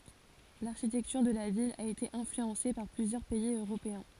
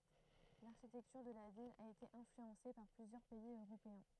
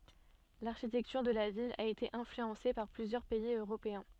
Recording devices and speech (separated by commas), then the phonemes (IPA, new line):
forehead accelerometer, throat microphone, soft in-ear microphone, read sentence
laʁʃitɛktyʁ də la vil a ete ɛ̃flyɑ̃se paʁ plyzjœʁ pɛiz øʁopeɛ̃